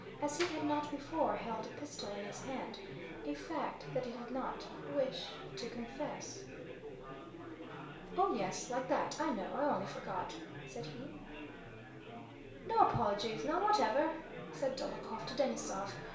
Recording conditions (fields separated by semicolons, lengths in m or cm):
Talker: one person; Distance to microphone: 1.0 m; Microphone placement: close; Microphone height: 1.1 m; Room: small (3.7 m by 2.7 m); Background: babble